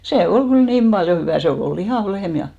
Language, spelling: Finnish, se oli kyllä niin paljon hyvää se oli oli lihava lehmä ja
- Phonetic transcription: 'se "ol 'ɢyl "niim ʙaljo 'hyvä̀ , 'se o'l ‿ol "lihàv 'lehm ja .

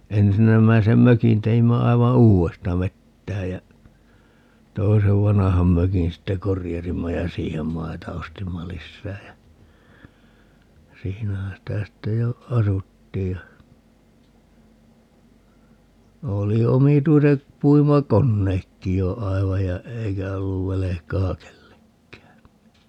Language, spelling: Finnish, ensimmäisen mökin teimme aivan uudesta vetäen ja toisen vanhan mökin sitten korjasimme ja siihen maita ostimme lisää ja siinähän sitä sitten jo asuttiin ja oli omituiset puimakoneetkin jo aivan ja eikä ollut velkaa kenellekään
- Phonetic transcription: 'ensinnämäisem "mökin teimmä 'aiva "uu₍esta 'vettäej jä , 'toisev "vanaham 'mökin sitte "korijasimma ja 'siihem "maita 'ostimma "lissää jä , 'siinähä 'sitä 'sitte jo , "asuttiij ja , 'oli 'omituiset , 'puima"konneekki jo 'aivaj ja , 'eikä olluv 'velekaa "kellekkää .

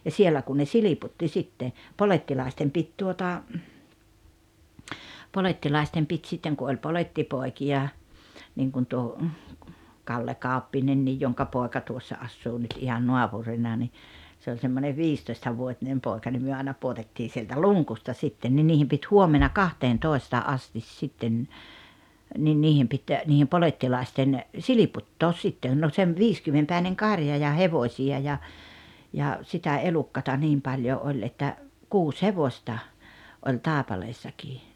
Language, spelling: Finnish, ja siellä kun ne silputtiin sitten polettilaisten piti tuota polettilaisten piti sitten kun oli polettipoikia niin kuin tuo Kalle Kauppinen jonka poika tuossa asuu nyt ihan naapurina niin se oli semmoinen viistoistavuotinen poika niin me aina pudotettiin sieltä luukusta sitten niin niiden piti huomenna kahteentoista asti sitten niin niiden piti niiden polettilaisten silputtaa sitten no - viisikymmenpäinen karja ja hevosia ja ja sitä elukkaa niin paljon oli että kuusi hevosta oli Taipaleessakin
- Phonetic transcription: ja 'siellä kun ne "siliputti sitte , "polettilàestem 'pit tuota , 'polettilàestem pit 'sitteŋ ku oĺ 'poĺettipòikiʲa , niŋkun tuo , 'Kalle "Kàu̬ppi-nennij joŋka 'pòeka tuossa 'assuu nyt ihan "nuapurinna ni , se oĺ semmonev "viistoistavuotinem 'pòeka nim 'myö àena 'puotettii sieltä "luŋkusta 'sitten ni 'niihim pit "huomena "kahteen'tòesta "’astis sitten , nin 'niihem pit , niihem 'polettilàesten , "siliputtoos 'sittèn no sem- "viiskymmempä̀ineŋ "karja ja "hevośi₍a ja , ja , sitä 'elukkata 'niim paljo 'oĺ että , "kuus "hevosta , oĺ "Tàepaleessakii .

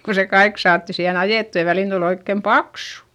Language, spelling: Finnish, kun se kaikki saatiin siihen ajettua ja väliin tuli oikein paksu
- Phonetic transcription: ko se kaik saatti siihen ‿ajèttu ja välìn tul ‿oikkem paksU .

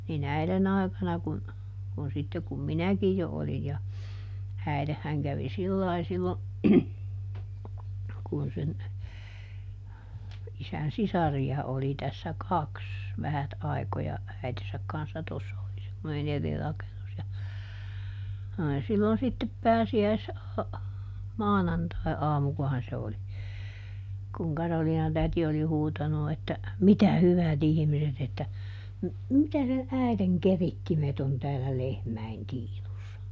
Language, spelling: Finnish, niin äidin aikana kun kun sitten kun minäkin jo olin ja äitihän kävi sillä lailla silloin kun sen isän sisaria oli tässä kaksi vähät aikoja äitinsä kanssa tuossa oli semmoinen eri rakennus ja oli silloin sitten - pääsiäismaanantaiaamukohan se oli kun Karoliina-täti oli huutanut että mitä hyvät ihmiset että - mitä ne äidin keritsimet on täällä lehmien tiinussa
- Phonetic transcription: niˈn ‿äilen ‿àikana kun , kun ˈsitte kum "minäkij jo ˈolij ja , ˈäilehhäŋ kävi "sillai sillo , kun sen , ˈisän "sisari₍a oli tässä "kaks , ˈvähät ai̮koja , ˈäitesäk kanssa ˈtossa oli semmoneˈn ‿eri ˈrakenus ja , oli sillon sittep "pääsi₍äis- , -"maanantai₍aamukohan se oli , kuŋ ˈKaroliina-täti oli ˈhuutanu että , » ˈmitä "hyväˈt ‿ihⁱmiset » ‿että , » m- , ˈmitä ne , ˈä̀i̮teŋ "kerittimet ‿on täällä "lehmäi̮n ˈtiinussa » .

